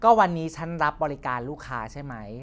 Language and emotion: Thai, neutral